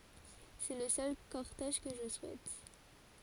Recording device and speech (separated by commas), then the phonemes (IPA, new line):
forehead accelerometer, read sentence
sɛ lə sœl kɔʁtɛʒ kə ʒə suɛt